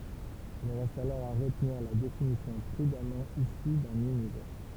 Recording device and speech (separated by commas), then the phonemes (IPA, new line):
temple vibration pickup, read sentence
il ʁɛst alɔʁ a ʁətniʁ la definisjɔ̃ pʁydamɑ̃ isy dœ̃n ynivɛʁ